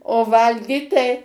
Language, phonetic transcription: Lithuanian, o ˈvalgyt tai

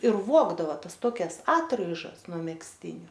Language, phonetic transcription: Lithuanian, ir ˈvuogdava ˈtas ˈtokias ˈatraižas nuo megzˈtiniu

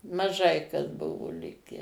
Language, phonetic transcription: Lithuanian, maˈžai kas ˈbuvo ˈlikę

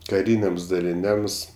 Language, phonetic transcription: Lithuanian, kaˈryniams daliˈniams

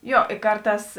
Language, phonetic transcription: Lithuanian, ˈjo i ˈkarˌtās

